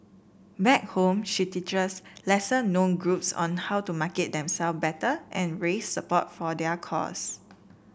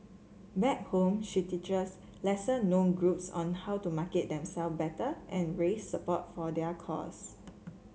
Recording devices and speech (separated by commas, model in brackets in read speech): boundary microphone (BM630), mobile phone (Samsung C7), read sentence